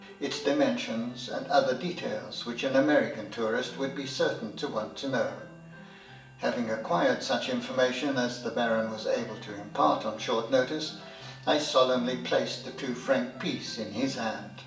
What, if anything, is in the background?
Music.